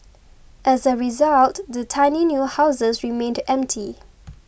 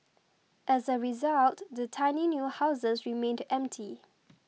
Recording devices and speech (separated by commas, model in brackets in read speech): boundary microphone (BM630), mobile phone (iPhone 6), read sentence